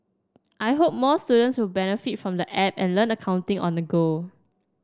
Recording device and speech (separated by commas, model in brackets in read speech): standing microphone (AKG C214), read sentence